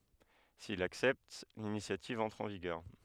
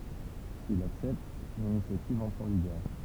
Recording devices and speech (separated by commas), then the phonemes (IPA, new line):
headset microphone, temple vibration pickup, read sentence
sil laksɛpt linisjativ ɑ̃tʁ ɑ̃ viɡœʁ